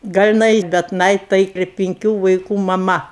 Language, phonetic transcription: Lithuanian, ˈgal' iˈnai bet ˈnai tai ir pinˈkių vaiˈkų maˈma

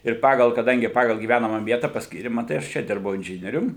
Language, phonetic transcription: Lithuanian, ir ˈpagal kaˈdangi ˈpagal gyˈvænama ˈvieta pasˈkyri maˈtai aš ˈčia ˈdirbau inˈžinierium

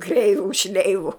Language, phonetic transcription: Lithuanian, ˈkreivu ˈšleivu

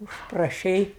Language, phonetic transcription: Lithuanian, užpraˈšei

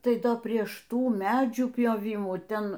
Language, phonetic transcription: Lithuanian, ˈtai ˈdo ˈprieš ˈtų ˈmedžių pjoˈvymų ˈten

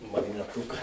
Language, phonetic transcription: Lithuanian, magneˈtuka

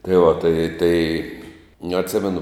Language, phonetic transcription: Lithuanian, tai va tai tai nu atˈsimenu

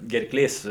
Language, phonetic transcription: Lithuanian, gerˈklės

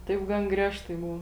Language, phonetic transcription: Lithuanian, ˈtaip ˈgan ˈgriežtai ˈbuv

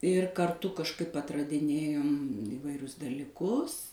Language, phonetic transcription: Lithuanian, ir karˈtu kažˈkaip atradiˈnėjom ivaiˈrius daliˈkus

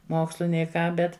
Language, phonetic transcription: Lithuanian, ˈmokslu nei ˈką ˈbet

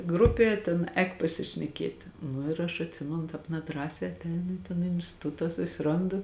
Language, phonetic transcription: Lithuanian, ˈgrupė tėn ˈēk pasišneˈkieti ˈnu ir aš atˈsimenu ˈtāp neˈdrąsē atˈeinu i ton instiˈtuta susiˈrondu

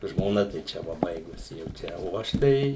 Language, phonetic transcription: Lithuanian, žmoˈna tai ˈčia ˈva ˈbaigusi jau ˈčia o ˈaš ˈtai

